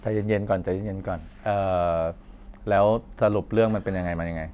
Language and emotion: Thai, neutral